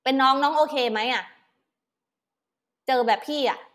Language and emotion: Thai, angry